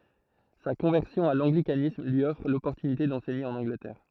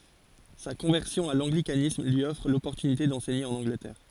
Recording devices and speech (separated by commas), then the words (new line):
throat microphone, forehead accelerometer, read sentence
Sa conversion à l'anglicanisme lui offre l'opportunité d'enseigner en Angleterre.